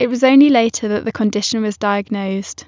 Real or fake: real